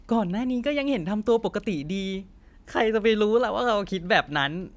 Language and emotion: Thai, happy